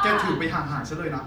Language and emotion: Thai, frustrated